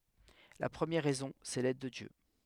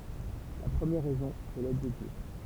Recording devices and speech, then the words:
headset microphone, temple vibration pickup, read sentence
La première raison, c'est l'aide de Dieu.

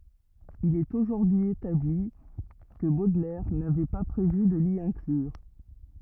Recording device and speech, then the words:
rigid in-ear microphone, read sentence
Il est aujourd'hui établi que Baudelaire n'avait pas prévu de l'y inclure.

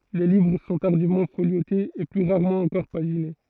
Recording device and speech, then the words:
throat microphone, read sentence
Les livres sont tardivement foliotés, et plus rarement encore paginés.

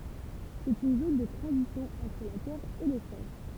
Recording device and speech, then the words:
temple vibration pickup, read sentence
C'est une zone de transition entre la Terre et l'Espace.

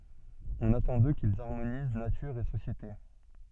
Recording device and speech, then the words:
soft in-ear microphone, read sentence
On attend d'eux qu'ils harmonisent nature et société.

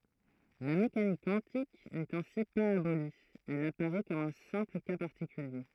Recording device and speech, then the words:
throat microphone, read sentence
La mécanique quantique n'est ainsi pas abolie, elle apparaît comme un simple cas particulier.

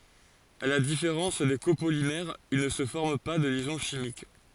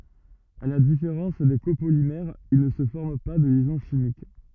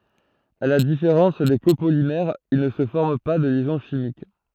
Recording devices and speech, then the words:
forehead accelerometer, rigid in-ear microphone, throat microphone, read sentence
À la différence des copolymères, il ne se forme pas de liaison chimique.

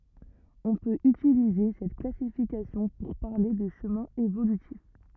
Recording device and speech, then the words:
rigid in-ear microphone, read sentence
On peut utiliser cette classification pour parler de chemins évolutifs.

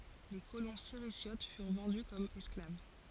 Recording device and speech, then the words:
forehead accelerometer, read sentence
Les colons Sirisiotes furent vendus comme esclaves.

